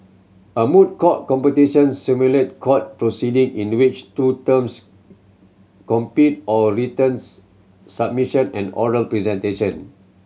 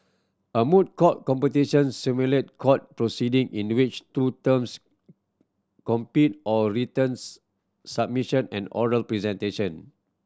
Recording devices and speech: mobile phone (Samsung C7100), standing microphone (AKG C214), read sentence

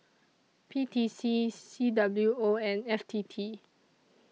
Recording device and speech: mobile phone (iPhone 6), read sentence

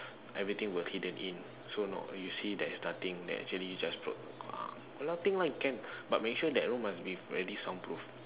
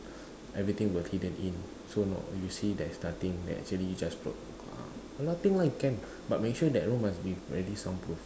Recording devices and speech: telephone, standing microphone, conversation in separate rooms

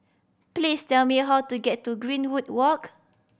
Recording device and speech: boundary microphone (BM630), read sentence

